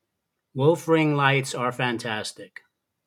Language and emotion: English, disgusted